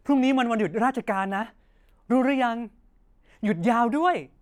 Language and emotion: Thai, happy